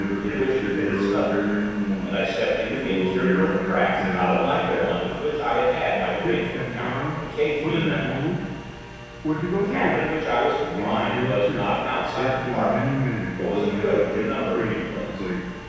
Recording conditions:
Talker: one person; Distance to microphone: 7.1 m; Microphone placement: far; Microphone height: 1.7 m; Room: very reverberant, large; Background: television

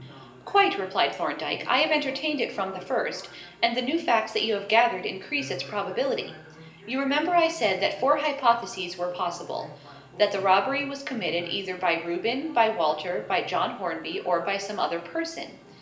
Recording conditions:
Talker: one person; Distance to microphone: 1.8 m; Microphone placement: close; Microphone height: 1.0 m; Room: large; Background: television

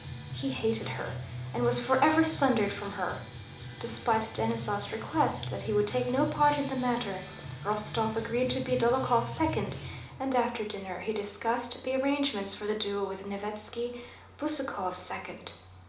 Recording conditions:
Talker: one person; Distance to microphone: 2.0 m; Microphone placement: close; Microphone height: 99 cm; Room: medium-sized (5.7 m by 4.0 m); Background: music

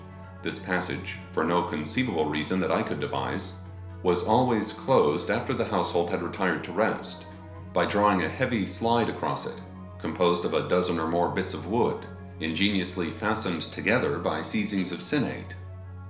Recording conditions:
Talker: one person; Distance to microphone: 1.0 m; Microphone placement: close; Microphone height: 1.1 m; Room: small (3.7 m by 2.7 m); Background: music

